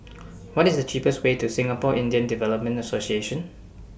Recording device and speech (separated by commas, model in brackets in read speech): boundary microphone (BM630), read sentence